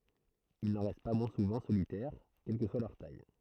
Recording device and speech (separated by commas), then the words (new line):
throat microphone, read sentence
Ils n'en restent pas moins souvent solitaires, quelle que soit leur taille.